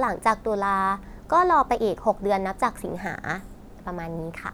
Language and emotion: Thai, neutral